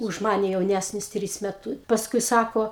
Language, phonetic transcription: Lithuanian, už ˈmane jauˈnæsnis ˈtrys meˈtu pasˈkui ˈsako

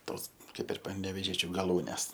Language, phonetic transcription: Lithuanian, ˈtos ˈkaip ir panevėˈžiečiu gaˈlūnes

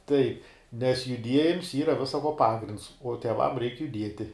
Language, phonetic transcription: Lithuanian, taip nes juˈdiejims ˈyra visa ko ˈpagrinds uo tieˈvam reik juˈdieti

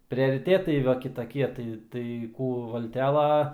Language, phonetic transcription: Lithuanian, priariˈtėtai ˈva kitaˈkie ˈtai tai ˈkų ˈvaltela

